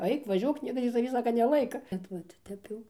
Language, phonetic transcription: Lithuanian, ˈaik vaˈžiuok ˈniekas tį taˈvį ˈsaka neˈlaika ˈbet vat ˈtep jau

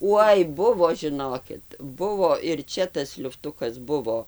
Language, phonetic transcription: Lithuanian, ˈuoj ˈbuvo žiˈnokit ˈbuvo ir ˈčia tas liufˈtukas ˈbuvo

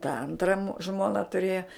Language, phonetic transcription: Lithuanian, ta ˈantram ˈžmona tuˈrėja

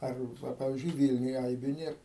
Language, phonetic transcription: Lithuanian, ˈar ˈva ˈpavizdžiui ˈvylniuj ˈaibiu ˈnėr

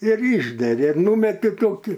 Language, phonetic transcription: Lithuanian, ir ˈyšgeri ir ˈnūmeti ˈtoki

